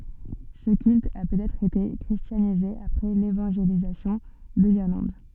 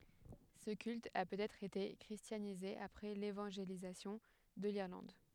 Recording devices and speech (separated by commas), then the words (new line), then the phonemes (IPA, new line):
soft in-ear microphone, headset microphone, read sentence
Ce culte a peut-être été christianisé après l'évangélisation de l’Irlande.
sə kylt a pøtɛtʁ ete kʁistjanize apʁɛ levɑ̃ʒelizasjɔ̃ də liʁlɑ̃d